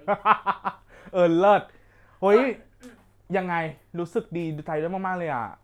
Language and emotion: Thai, happy